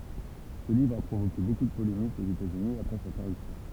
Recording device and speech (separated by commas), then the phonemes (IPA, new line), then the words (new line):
temple vibration pickup, read sentence
sə livʁ a pʁovoke boku də polemikz oz etatsyni apʁɛ sa paʁysjɔ̃
Ce livre a provoqué beaucoup de polémiques aux États-Unis après sa parution.